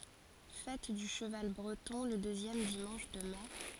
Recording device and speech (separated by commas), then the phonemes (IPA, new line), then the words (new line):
forehead accelerometer, read sentence
fɛt dy ʃəval bʁətɔ̃ lə døzjɛm dimɑ̃ʃ də mɛ
Fête du cheval breton le deuxième dimanche de mai.